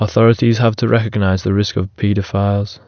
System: none